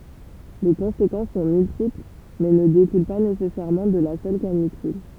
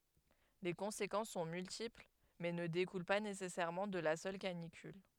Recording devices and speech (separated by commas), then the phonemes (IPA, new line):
temple vibration pickup, headset microphone, read sentence
le kɔ̃sekɑ̃s sɔ̃ myltipl mɛ nə dekul pa nesɛsɛʁmɑ̃ də la sœl kanikyl